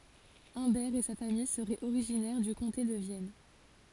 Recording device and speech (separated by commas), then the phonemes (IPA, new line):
forehead accelerometer, read sentence
œ̃bɛʁ e sa famij səʁɛt oʁiʒinɛʁ dy kɔ̃te də vjɛn